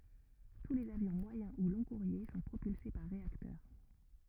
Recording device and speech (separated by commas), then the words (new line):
rigid in-ear microphone, read sentence
Tous les avions moyen ou long-courriers sont propulsés par réacteurs.